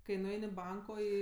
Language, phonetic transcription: Lithuanian, kai nuˈein' i ˈbanko ˈį

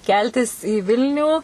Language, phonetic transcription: Lithuanian, ˈkeltis į ˈvilnių

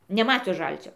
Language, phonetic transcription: Lithuanian, neˈmatius ˈžalcio

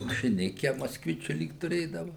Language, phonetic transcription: Lithuanian, mašiˈnike moskˈvičiu ˈlyg tuˈrėdava

